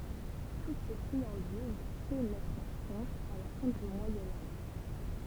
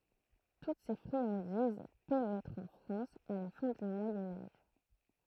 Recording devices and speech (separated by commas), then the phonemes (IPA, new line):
temple vibration pickup, throat microphone, read sentence
tut se fʁiɑ̃diz penɛtʁt ɑ̃ fʁɑ̃s a la fɛ̃ dy mwajɛ̃ aʒ